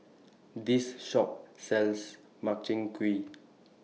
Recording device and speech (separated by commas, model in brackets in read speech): mobile phone (iPhone 6), read sentence